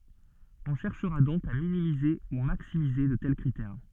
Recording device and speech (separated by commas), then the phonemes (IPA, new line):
soft in-ear microphone, read sentence
ɔ̃ ʃɛʁʃʁa dɔ̃k a minimize u maksimize də tɛl kʁitɛʁ